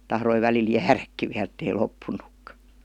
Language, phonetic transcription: Finnish, tahroi välil "jääräkki viäˡ ‿ettei 'loppunnukkA .
- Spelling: tahtoi välillä jäädäkin vielä että ei loppunutkaan

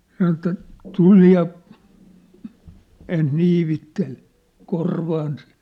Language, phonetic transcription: Finnish, sanŏ ᵉttä , 'tuli ja , ens 'niivittel , 'korvaans .
- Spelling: sanoi että tuli ja ensin niivitteli korvaansa

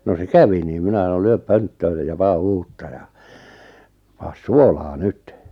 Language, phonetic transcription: Finnish, 'no se "kävi 'niim 'minä sanol » "lyöp 'pönttööⁿ ˢᵉ ja 'paa "uutta ja , 'paas "suolaa "nyt « .
- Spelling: no se kävi niin minä sanoin lyö pönttöön se ja pane uutta ja pane suolaa nyt

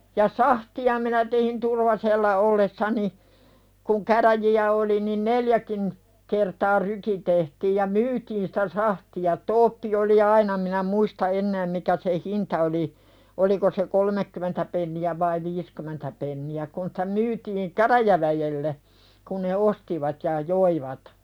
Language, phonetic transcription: Finnish, ja "sahti₍a minä tehin 'Turvasella ollessani , kuŋ "käräji₍ä oli nin "neljäkin , kertaa 'ryyki tehtiij ja "myytiin sɪtä 'sahti₍a , "tooppi oli 'aina minä 'muista "ennääm mikä seh "hinta oli , oliko se "kolmekkymentä penni₍ä vai 'viiskymentä penni₍ä kun sɪtä 'myytiiŋ "käräjäväjelle , kuⁿ ne "ostivat ja 'joivat .
- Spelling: ja sahtia minä tein Turvasella ollessani kun käräjiä oli niin neljäkin kertaa ryyki tehtiin ja myytiin sitä sahtia toppi oli aina minä muista enää mikä sen hinta oli oliko se kolmekymmentä penniä vai viisikymmentä penniä kun sitä myytiin käräjäväelle kun ne ostivat ja joivat

